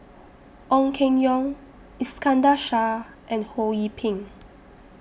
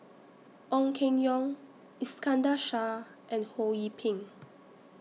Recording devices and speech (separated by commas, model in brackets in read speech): boundary microphone (BM630), mobile phone (iPhone 6), read sentence